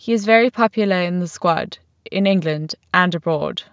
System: none